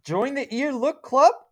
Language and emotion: English, surprised